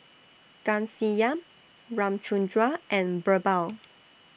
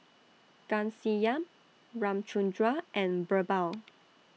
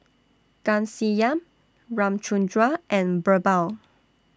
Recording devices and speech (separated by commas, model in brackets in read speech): boundary microphone (BM630), mobile phone (iPhone 6), standing microphone (AKG C214), read sentence